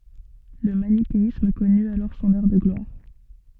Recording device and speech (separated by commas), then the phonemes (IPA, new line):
soft in-ear microphone, read sentence
lə manikeism kɔny alɔʁ sɔ̃n œʁ də ɡlwaʁ